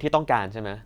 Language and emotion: Thai, angry